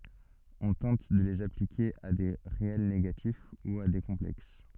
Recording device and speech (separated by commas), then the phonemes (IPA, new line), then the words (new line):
soft in-ear microphone, read sentence
ɔ̃ tɑ̃t də lez aplike a de ʁeɛl neɡatif u a de kɔ̃plɛks
On tente de les appliquer à des réels négatifs ou à des complexes.